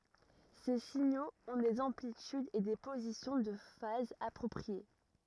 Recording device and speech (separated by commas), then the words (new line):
rigid in-ear microphone, read sentence
Ces signaux ont des amplitudes et des positions de phase appropriées.